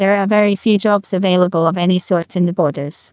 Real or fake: fake